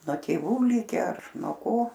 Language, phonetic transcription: Lithuanian, nuo ˈtėvų ˈlike ar nuo ˈko

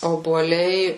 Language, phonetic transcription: Lithuanian, obuoˈliai

